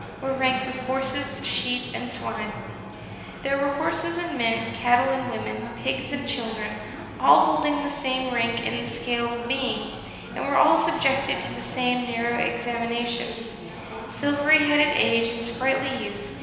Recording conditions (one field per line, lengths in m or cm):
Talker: one person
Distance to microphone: 1.7 m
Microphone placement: close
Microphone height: 1.0 m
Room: very reverberant, large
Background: babble